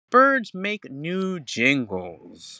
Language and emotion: English, angry